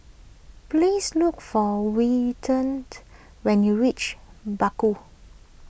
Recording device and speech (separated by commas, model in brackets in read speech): boundary microphone (BM630), read sentence